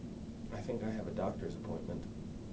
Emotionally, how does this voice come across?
neutral